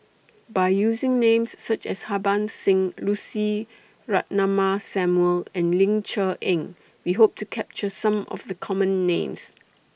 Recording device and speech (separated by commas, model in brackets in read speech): boundary microphone (BM630), read sentence